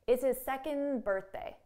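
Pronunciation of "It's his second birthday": In 'second birthday', no d sound is heard at the end of 'second'; it ends on an n sound.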